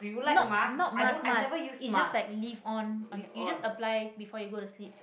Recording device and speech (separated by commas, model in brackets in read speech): boundary microphone, conversation in the same room